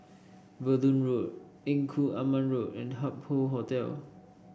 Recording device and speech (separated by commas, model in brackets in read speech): boundary microphone (BM630), read sentence